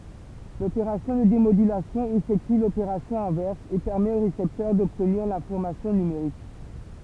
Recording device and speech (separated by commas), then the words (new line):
temple vibration pickup, read sentence
L’opération de démodulation effectue l’opération inverse et permet au récepteur d’obtenir l’information numérique.